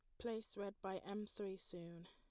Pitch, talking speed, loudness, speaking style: 200 Hz, 195 wpm, -49 LUFS, plain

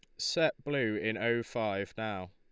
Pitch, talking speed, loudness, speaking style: 110 Hz, 170 wpm, -33 LUFS, Lombard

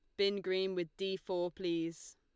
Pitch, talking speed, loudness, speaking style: 185 Hz, 185 wpm, -37 LUFS, Lombard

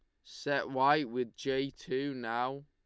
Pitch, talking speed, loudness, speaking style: 135 Hz, 150 wpm, -33 LUFS, Lombard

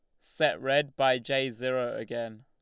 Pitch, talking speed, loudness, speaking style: 130 Hz, 160 wpm, -29 LUFS, Lombard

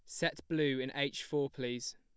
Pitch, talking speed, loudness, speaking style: 140 Hz, 205 wpm, -36 LUFS, plain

